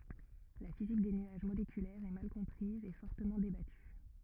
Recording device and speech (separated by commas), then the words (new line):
rigid in-ear microphone, read sentence
La physique des nuages moléculaires est mal comprise et fortement débattue.